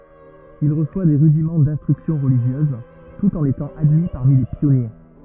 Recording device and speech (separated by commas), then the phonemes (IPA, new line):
rigid in-ear microphone, read sentence
il ʁəswa de ʁydimɑ̃ dɛ̃stʁyksjɔ̃ ʁəliʒjøz tut ɑ̃n etɑ̃ admi paʁmi le pjɔnje